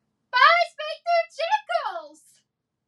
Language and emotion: English, surprised